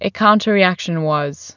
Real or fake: real